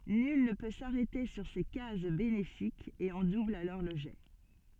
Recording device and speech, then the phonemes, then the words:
soft in-ear microphone, read sentence
nyl nə pø saʁɛte syʁ se kaz benefikz e ɔ̃ dubl alɔʁ lə ʒɛ
Nul ne peut s'arrêter sur ces cases bénéfiques et on double alors le jet.

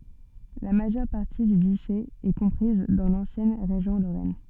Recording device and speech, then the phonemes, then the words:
soft in-ear microphone, read sentence
la maʒœʁ paʁti dy dyʃe ɛ kɔ̃pʁiz dɑ̃ lɑ̃sjɛn ʁeʒjɔ̃ loʁɛn
La majeure partie du duché est comprise dans l'ancienne région Lorraine.

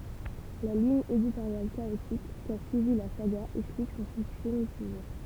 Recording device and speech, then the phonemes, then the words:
temple vibration pickup, read sentence
la liɲ editoʁjal kaotik ka syivi la saɡa ɛksplik sɔ̃ syksɛ mitiʒe
La ligne éditoriale chaotique qu'a suivie la saga explique son succès mitigé.

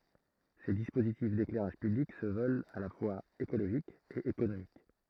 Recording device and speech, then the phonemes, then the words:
throat microphone, read sentence
se dispozitif deklɛʁaʒ pyblik sə vœlt a la fwaz ekoloʒik e ekonomik
Ces dispositifs d'éclairage public se veulent à la fois écologique et économique.

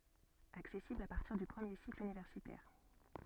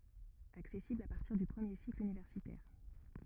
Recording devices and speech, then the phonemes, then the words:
soft in-ear microphone, rigid in-ear microphone, read sentence
aksɛsiblz a paʁtiʁ dy pʁəmje sikl ynivɛʁsitɛʁ
Accessibles à partir du premier cycle universitaire.

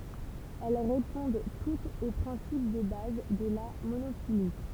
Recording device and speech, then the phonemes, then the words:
temple vibration pickup, read sentence
ɛl ʁepɔ̃d tutz o pʁɛ̃sip də baz də la monofili
Elles répondent toutes au principe de base de la monophylie.

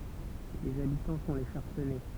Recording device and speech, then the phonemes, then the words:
temple vibration pickup, read sentence
lez abitɑ̃ sɔ̃ le ʃaʁsɛnɛ
Les habitants sont les Charcennais.

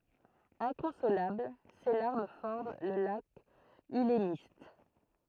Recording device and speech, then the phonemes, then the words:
throat microphone, read sentence
ɛ̃kɔ̃solabl se laʁm fɔʁm lə lak ylmist
Inconsolable, ses larmes forment le lac Ülemiste.

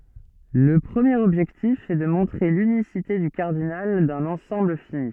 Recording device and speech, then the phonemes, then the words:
soft in-ear microphone, read sentence
lə pʁəmjeʁ ɔbʒɛktif ɛ də mɔ̃tʁe lynisite dy kaʁdinal dœ̃n ɑ̃sɑ̃bl fini
Le premier objectif est de montrer l'unicité du cardinal d'un ensemble fini.

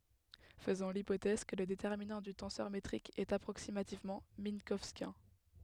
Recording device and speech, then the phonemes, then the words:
headset microphone, read sentence
fəzɔ̃ lipotɛz kə lə detɛʁminɑ̃ dy tɑ̃sœʁ metʁik ɛt apʁoksimativmɑ̃ mɛ̃kɔwskjɛ̃
Faisons l'hypothèse que le déterminant du tenseur métrique est approximativement minkowskien.

